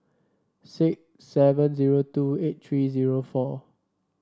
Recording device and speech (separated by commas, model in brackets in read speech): standing microphone (AKG C214), read sentence